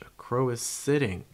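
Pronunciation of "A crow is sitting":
The stress falls on the verb, 'sitting'.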